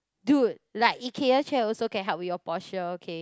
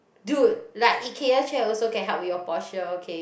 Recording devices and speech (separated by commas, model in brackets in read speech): close-talking microphone, boundary microphone, conversation in the same room